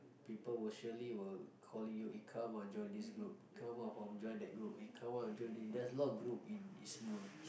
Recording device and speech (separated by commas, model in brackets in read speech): boundary microphone, conversation in the same room